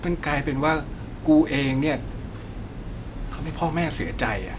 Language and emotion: Thai, sad